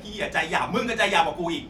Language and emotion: Thai, angry